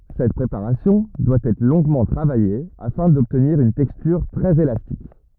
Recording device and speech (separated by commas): rigid in-ear microphone, read sentence